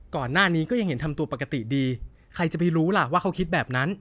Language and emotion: Thai, frustrated